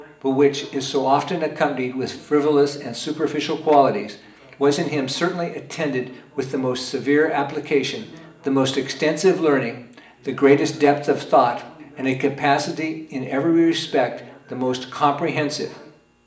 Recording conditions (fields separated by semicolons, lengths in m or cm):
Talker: one person; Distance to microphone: 1.8 m; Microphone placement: close; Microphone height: 1.0 m; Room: large; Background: television